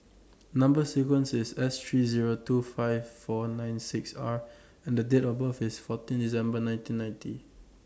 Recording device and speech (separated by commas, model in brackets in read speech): standing microphone (AKG C214), read sentence